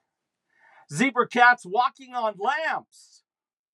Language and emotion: English, surprised